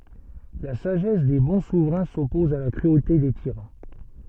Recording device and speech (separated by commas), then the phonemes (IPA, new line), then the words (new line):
soft in-ear microphone, read sentence
la saʒɛs de bɔ̃ suvʁɛ̃ sɔpɔz a la kʁyote de tiʁɑ̃
La sagesse des bons souverains s'oppose à la cruauté des tyrans.